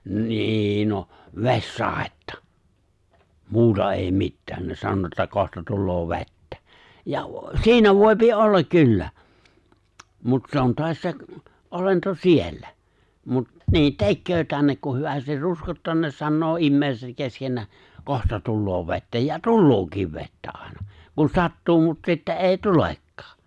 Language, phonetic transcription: Finnish, nî 'noh , "vessàettᴀ , 'muuta èi 'mittää , ne 'san(o) ‿että 'kohta 'tulloo "ve̬ttä , ja , "si̬inä 'vòipi "’ollak 'kyllä , mut 'se 'on toas 'se , '’olento "siellä , mut , 'niin "tekköö tännek ku 'hyvästir "ruskottaa ne 'sannoo '’immèiset 'keskennää , » "kohta 'tulloo 've̬ttä ja "tullookiv 'vettä '’àena , kun 'sattuu mut 'sitte’ ’èi 'tulekkaa .
- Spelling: niin noh vesisadetta muuta ei mitään ne sanoi että kohta tulee vettä ja siinä voi olla kyllä mutta se on taas se olento siellä mutta niin tekee tänne kun hyvästi ruskottaa ne sanoo ihmiset keskenään kohta tulee vettä ja tuleekin vettä aina kun sattuu mutta sitten ei tulekaan

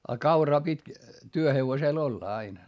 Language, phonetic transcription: Finnish, a kauraa pit́ , työhevosèl ‿olla ain .
- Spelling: ja kauraa piti työhevosella olla aina

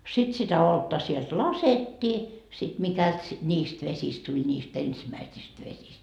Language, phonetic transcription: Finnish, sit sitä 'oltta sielt "lasettii , sit mikält si- , 'ńiist 'vesist tuĺ niist 'ensimäisist 'vesist .
- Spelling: sitten sitä olutta sieltä laskettiin sitten mikäli - niistä vesistä tuli niistä ensimmäisistä vesistä

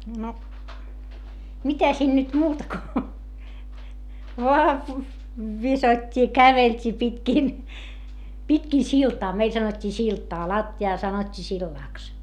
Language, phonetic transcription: Finnish, no , mitä siin nyt muuta ko , voà , visot́t́i ja kävelt́ii pitkìn , pitkì siltaa - meil sanot́t́ii siltaa - latti₍aa sanot́t́ii sillàks .
- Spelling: no mitä siinä nyt muuta kuin vain viskottiin ja käveltiin pitkin pitkin siltaa meillä sanottiin siltaa lattiaa sanottiin sillaksi

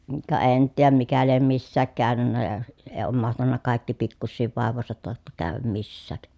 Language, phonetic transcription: Finnish, ka en nyt tiijäm mikä liem missääk käänynnä ja , ee oom mahtanna kài̮kki pikkussiiv vàev̆vòesat tàotta kääväm missääk .
- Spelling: ka en nyt tiedä mikä lie missäkin käynyt ja ei ole mahtanut kaikki pikkuisien vaivojensa tautta käydä missään

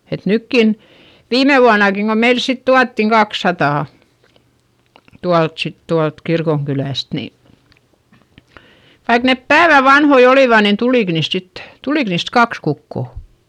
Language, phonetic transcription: Finnish, et nykkin , viime vuanakiŋ ko meils sit tuattiŋ kakssatà , tualt sit tualt kirkoŋkylä̀st ni , vaik nep päävä vanhoi olìva nin tulìk niist sittE , tulik niist kaks kukko .
- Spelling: että nytkin viime vuonnakin kun meille sitten tuotiin kaksisataa tuolta sitten tuolta kirkonkylästä niin vaikka ne päivän vanhoja olivat niin tuliko niistä sitten tuliko niistä kaksi kukkoa

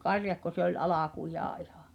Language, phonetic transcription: Finnish, karjakko se ‿oĺ "alakujaa 'ihᴀ̀ .
- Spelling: karjakko se oli alkujaan ihan

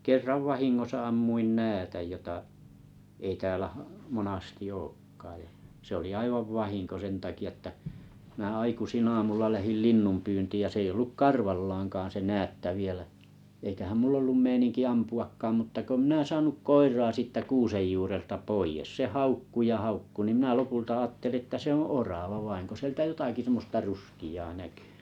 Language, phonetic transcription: Finnish, kerrav 'vahiŋŋosa 'ammuin "näätäj jota , ei 'tääläʰ , "monasti ‿'ookkaaj jᴀ , se oli 'aivav "vahiŋko 'sen taki₍a ᵉttä , minä 'aikusin'ⁿ ‿aamulla 'lähil "linnumpyyntiij ja 's ‿eiʲ ‿olluk "karvallaaŋkaan se "näätta 'vielä , eikähäm 'mull ‿ollum 'meiniŋki 'ampu₍akkaam mutta ko mⁱnä 'saanuk "koir̀aa 'siittä 'kuusej juurelta "poijes se "haukku ja 'haukku nim mⁱnä 'lopulta 'àtteli että "se ‿oo̰ "orava 'vain ko sĭeltä 'jotaki sᵉmmosta "ruski₍aa 'näkʏ .
- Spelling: kerran vahingossa ammuin näädän jota ei täällä monasti olekaan ja se oli aivan vahinko sen takia että minä aikaisin aamulla lähdin linnunpyyntiin ja se ei ollut karvallaankaan se näätä vielä eikähän minulla ollut meininki ampuakaan mutta kun minä saanut koiraa siitä kuusen juurelta pois se haukkui ja haukkui niin minä lopulta ajattelin että se on orava vain kun sieltä jotakin semmoista ruskeaa näkyi

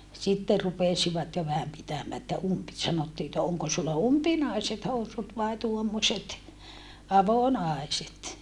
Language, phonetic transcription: Finnish, sitte rupesivat jo vähäm pitämää että umpi - sanottii että » oŋko sulla umpinaiset housut vai tuommośet , avonàiset ?
- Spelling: sitten rupesivat jo vähän pitämään että - sanottiin että onko sinulla umpinaiset housut vai tuommoiset avonaiset

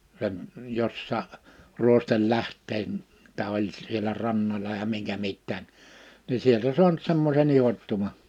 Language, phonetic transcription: Finnish, sem- , 'jossaa’ , ’ruostel'läh̀t̆teen- , -tä oĺ sielä 'rannoĺa ja 'miŋkä 'mittää , ni sieltä 'suanᵘt 'semmose'n ‿ihottuma .
- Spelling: - jossakin ruostelähteen että oli siellä rannalla ja minkä mitäkin niin sieltä saanut semmoisen ihottuman

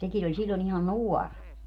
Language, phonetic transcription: Finnish, 'sekin ‿oĺ 'siĺlon ‿ihan "nuɔr .
- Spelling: sekin oli silloin ihan nuori

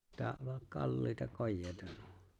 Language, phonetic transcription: Finnish, 'kalliita 'kojjeeⁱta nuo .
- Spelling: kalliita kojeita nuo

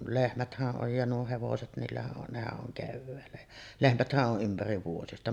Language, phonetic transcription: Finnish, "lehmäthäˀ 'ˀoj ja nuo 'hevoset 'niillähä’ ’on , 'nehä’ ’oŋ 'kevväällä jä , "lehmäthä’ ’o’ '’ympäriv vuojesta .
- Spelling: lehmäthän on ja nuo hevoset niillähän on nehän on keväällä ja lehmäthän on ympäri vuodesta

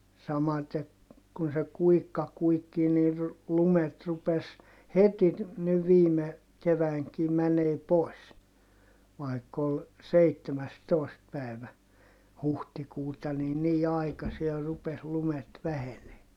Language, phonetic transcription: Finnish, samate , kun se kuikka kuikkii nir , lumet rupes , heti , niv viime , keväiŋki mänee pòi̮s , vai̮kk ‿ol , seittemästòist pä̀i̮vä , huhtikuuta ni nii aikasier rupes lumet vähenee .
- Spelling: samaten kun se kuikka kuikkii niin lumet rupesi heti niin viime keväänäkin menemään pois vaikka oli seitsemästoista päivä huhtikuuta niin niin aikiasin rupesi lumet vähenemään

